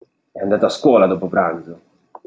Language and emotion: Italian, angry